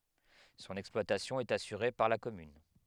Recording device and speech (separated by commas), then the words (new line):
headset microphone, read sentence
Son exploitation est assurée par la commune.